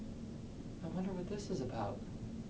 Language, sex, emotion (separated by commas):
English, male, neutral